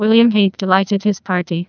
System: TTS, neural waveform model